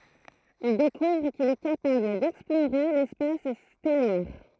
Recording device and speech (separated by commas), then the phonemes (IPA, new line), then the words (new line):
throat microphone, read sentence
il dekuvʁ kil ɛ kapabl dɛksploʁe lɛspas stɛlɛʁ
Il découvre qu'il est capable d'explorer l'espace stellaire.